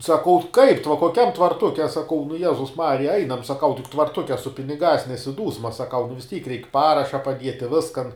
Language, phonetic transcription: Lithuanian, saˈkau kaip tv koˈkiam tvarˈtuke a saˈkau nu ˈjezus ˈmarija ˈainam saˈkau tik tvarˈtuke su piniˈgās nesiˈdūsma saˈkau nu vis ˈtyk reik ˈparaša paˈdieti ˈviskan

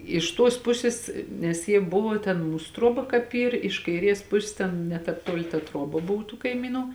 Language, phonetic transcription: Lithuanian, iš ˈtuos ˈpusis nes ˈjie ˈbuvo ten ˈmūs ˈtruoba kāp ˈyr iš kaiˈries ˈpusis ˈten ne ˈtāp ˈtuoli ta ˈtruoba ˈbov tų kaiˈmynu

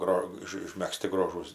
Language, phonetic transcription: Lithuanian, ˈgro ˈiš išmegˈzti ˈgrožūs

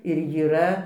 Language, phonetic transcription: Lithuanian, ir jyˈra

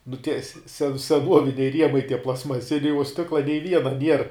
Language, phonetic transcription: Lithuanian, nu tie se se seˈnuoviniai ˈriemai tie plastmaˈsiniai uo ˈstikla nei ˈviena nier

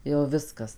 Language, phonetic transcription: Lithuanian, jau ˈviskas

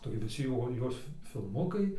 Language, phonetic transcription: Lithuanian, taigi viˈsi jo ˈjos fi filˈmukai

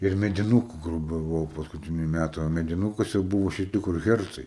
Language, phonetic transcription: Lithuanian, ir mediˈnūku ˈgrūpė ˈbuvo paskuˈtiniu ˈmætu o mediˈnūkuose ˈbūvo šiˈti kur ˈhercai

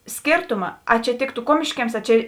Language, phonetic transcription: Lithuanian, ˈskėrtuma a čia ˈtėktu ˈkuomiškiems ˈa ˈčia

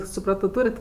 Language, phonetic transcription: Lithuanian, suˈprato ˈtūrit

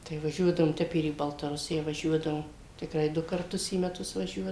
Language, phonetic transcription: Lithuanian, tai vaˈžiuodavom ˈtep ir į baltaˈrusija vaˈžiuodavom tikˈrai ˈdu karˈtus į meˈtus vaˈžiuo

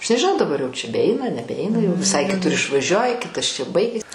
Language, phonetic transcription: Lithuanian, aš nežiˈnau daˈbar jau čia beˈeina nebeˈeina jau viˈsai kiˈtur išvaˈžiuoji ˈkitas čia ˈbaigis

